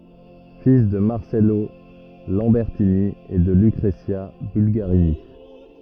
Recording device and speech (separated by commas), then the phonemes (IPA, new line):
rigid in-ear microphone, read sentence
fil də maʁsɛlo lɑ̃bɛʁtini e də lykʁəzja bylɡaʁini